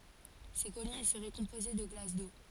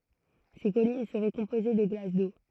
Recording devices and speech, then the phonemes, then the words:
forehead accelerometer, throat microphone, read sentence
se kɔlin səʁɛ kɔ̃poze də ɡlas do
Ces collines seraient composées de glace d’eau.

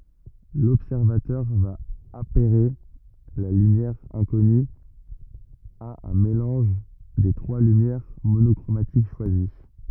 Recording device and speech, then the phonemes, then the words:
rigid in-ear microphone, read sentence
lɔbsɛʁvatœʁ va apɛʁe la lymjɛʁ ɛ̃kɔny a œ̃ melɑ̃ʒ de tʁwa lymjɛʁ monɔkʁomatik ʃwazi
L'observateur va apairer la lumière inconnue à un mélange des trois lumières monochromatiques choisies.

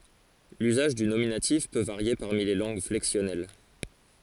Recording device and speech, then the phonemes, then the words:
forehead accelerometer, read sentence
lyzaʒ dy nominatif pø vaʁje paʁmi le lɑ̃ɡ flɛksjɔnɛl
L'usage du nominatif peut varier parmi les langues flexionnelles.

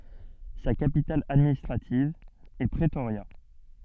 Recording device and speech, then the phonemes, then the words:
soft in-ear microphone, read sentence
sa kapital administʁativ ɛ pʁətoʁja
Sa capitale administrative est Pretoria.

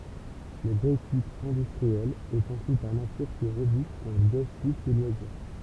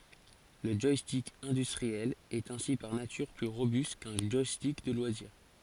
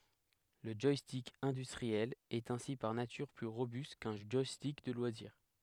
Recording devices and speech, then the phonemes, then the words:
temple vibration pickup, forehead accelerometer, headset microphone, read sentence
lə ʒwastik ɛ̃dystʁiɛl ɛt ɛ̃si paʁ natyʁ ply ʁobyst kœ̃ ʒwastik də lwaziʁ
Le joystick industriel est ainsi par nature plus robuste qu'un joystick de loisir.

